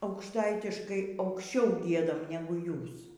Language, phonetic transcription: Lithuanian, aukšˈtaitiškai aukšˈčiau ˈgiedam ˈnegu ˈjūs

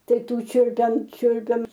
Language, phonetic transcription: Lithuanian, ˈtai ˈtų ˈčiulpiam ˈčiulpiam

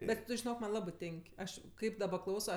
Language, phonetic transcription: Lithuanian, ˈbet žiˈnok ˈman' ˈlabɜ ˈtėn'k' ˈaš ˈkaip daˈba ˈklauso

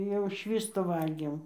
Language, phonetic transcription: Lithuanian, jau ˈšvįstu ˈvalgėm

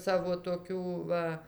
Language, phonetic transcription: Lithuanian, ˈsavo toˈkių ˈva

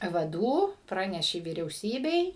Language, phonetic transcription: Lithuanian, vaˈdų ˈpranešė vyriauˈsybei

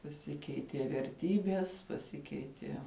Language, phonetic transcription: Lithuanian, paˈsikeitie verˈtybies paˈsikeitie

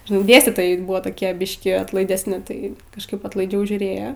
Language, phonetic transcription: Lithuanian, žiˈnai ˈdėstytojai ˈbuvo toˈkie ˈbiškį atlaidesˈni ˈtai kažˈkaip atlaiˈdžiau žiūˈrėjo

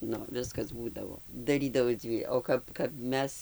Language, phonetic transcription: Lithuanian, ˈnu ˈviskas ˈbūdavo ˈdarydavai ˈdzvy o ˈkap kap ˈmes

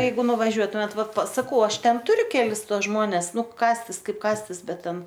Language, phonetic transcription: Lithuanian, ˈjeigu nuvaˈžiuotumėt ˈvat pas sakau ˈaš ˈten ˈturiu ˈkelis ˈtuos ˈžmones ˈnu kąstis ˈkaip ˈkąstis ˈbet ˈten

